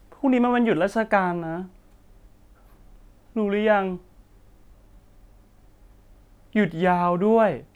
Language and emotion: Thai, sad